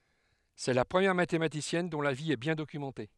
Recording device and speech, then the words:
headset microphone, read sentence
C'est la première mathématicienne dont la vie est bien documentée.

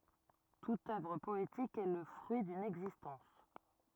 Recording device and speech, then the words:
rigid in-ear microphone, read sentence
Toute œuvre poétique est le fruit d'une existence.

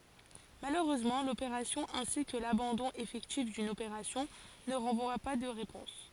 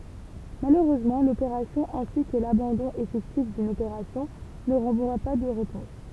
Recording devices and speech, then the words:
forehead accelerometer, temple vibration pickup, read sentence
Malheureusement, l'opération ainsi que l'abandon effectif d'une opération ne renvoient pas de réponse.

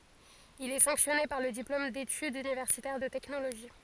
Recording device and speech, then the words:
forehead accelerometer, read sentence
Il est sanctionné par le diplôme d'études universitaires de technologie.

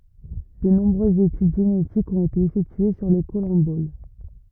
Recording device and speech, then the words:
rigid in-ear microphone, read sentence
De nombreuses études génétiques ont été effectuées sur les collemboles.

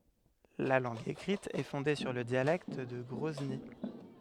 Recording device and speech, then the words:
headset microphone, read sentence
La langue écrite est fondée sur le dialecte de Grozny.

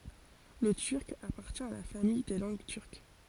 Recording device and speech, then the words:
forehead accelerometer, read sentence
Le Turc appartient à la famille des langues turques.

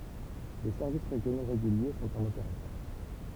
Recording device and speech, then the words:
temple vibration pickup, read sentence
Des services régionaux réguliers sont en opération.

